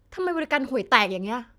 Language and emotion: Thai, angry